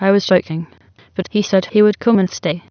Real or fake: fake